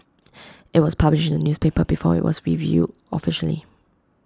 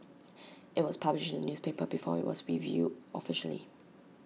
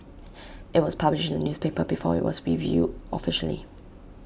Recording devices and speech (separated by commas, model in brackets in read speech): close-talking microphone (WH20), mobile phone (iPhone 6), boundary microphone (BM630), read sentence